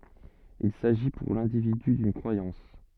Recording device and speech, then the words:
soft in-ear microphone, read sentence
Il s'agit pour l'individu d'une croyance.

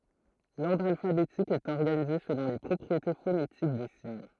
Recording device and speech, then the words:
throat microphone, read sentence
L’ordre alphabétique est organisé selon les propriétés phonétiques des signes.

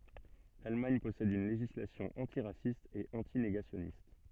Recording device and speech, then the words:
soft in-ear microphone, read sentence
L'Allemagne possède une législation antiraciste et anti-négationniste.

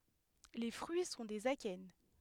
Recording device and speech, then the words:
headset microphone, read sentence
Les fruits sont des akènes.

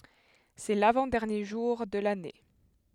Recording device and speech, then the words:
headset microphone, read sentence
C'est l'avant-dernier jour de l'année.

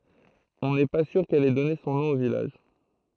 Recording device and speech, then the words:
throat microphone, read sentence
On n’est pas sûr qu’elle ait donné son nom au village.

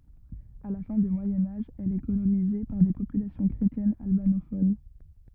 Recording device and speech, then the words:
rigid in-ear microphone, read sentence
À la fin du Moyen Âge, elle est colonisée par des populations chrétiennes albanophones.

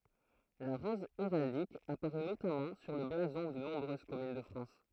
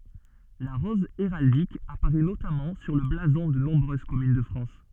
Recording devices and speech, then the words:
throat microphone, soft in-ear microphone, read sentence
La rose héraldique apparaît notamment sur le blason de nombreuses communes de France.

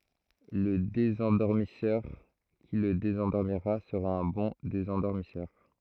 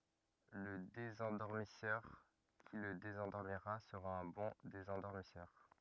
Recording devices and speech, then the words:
throat microphone, rigid in-ear microphone, read sentence
Le désendormisseur qui le désendormira sera un bon désendormisseur.

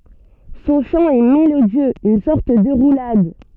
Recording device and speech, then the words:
soft in-ear microphone, read sentence
Son chant est mélodieux, une sorte de roulade.

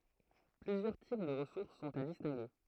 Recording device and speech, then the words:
throat microphone, read sentence
Plusieurs types de ressources sont à distinguer.

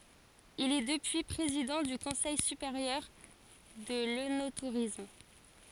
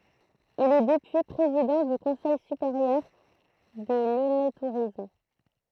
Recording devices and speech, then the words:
forehead accelerometer, throat microphone, read sentence
Il est depuis président du Conseil supérieur de l'œnotourisme.

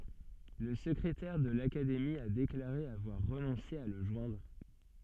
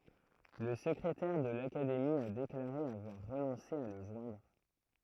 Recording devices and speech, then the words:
soft in-ear microphone, throat microphone, read sentence
La secrétaire de l'Académie a déclaré avoir renoncé à le joindre.

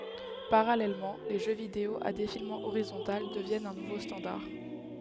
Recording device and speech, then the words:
headset microphone, read sentence
Parallèlement, les jeux vidéo à défilement horizontal deviennent un nouveau standard.

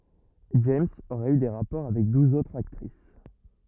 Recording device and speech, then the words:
rigid in-ear microphone, read sentence
James aurait eu des rapports avec douze autres actrices.

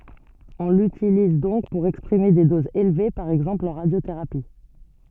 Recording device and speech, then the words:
soft in-ear microphone, read sentence
On l'utilise donc pour exprimer des doses élevées, par exemple en radiothérapie.

